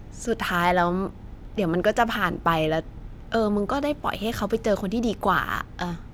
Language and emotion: Thai, frustrated